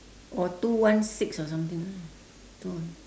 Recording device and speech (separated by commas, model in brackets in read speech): standing microphone, conversation in separate rooms